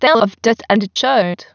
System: TTS, waveform concatenation